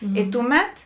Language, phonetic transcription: Lithuanian, i ˈtuˌmet

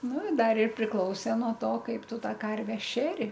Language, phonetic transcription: Lithuanian, ˈnu i ˈdar ir priˈklausė nuo ˈto ˈkaip ˈtu ˈtą ˈkarve ˈšeri

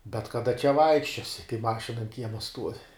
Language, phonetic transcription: Lithuanian, bet kaˈda čia ˈvaikščiosi kai ˈmašina an ˈkiema stuovi

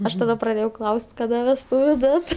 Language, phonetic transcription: Lithuanian, ˈaš taˈda praˈdėjau ˈklaus't' kaˈda vesˈtūviu ˈdat

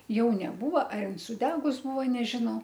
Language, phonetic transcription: Lithuanian, ˈjau neˈbūva ar ˈin suˈdegus ˈbūvo nežiˈnau

